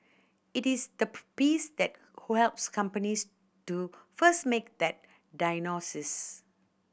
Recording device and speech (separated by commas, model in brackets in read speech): boundary microphone (BM630), read sentence